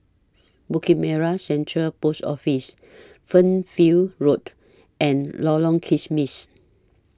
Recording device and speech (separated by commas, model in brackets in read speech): standing microphone (AKG C214), read sentence